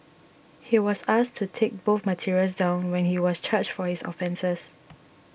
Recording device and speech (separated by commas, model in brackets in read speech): boundary microphone (BM630), read sentence